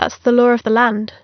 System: none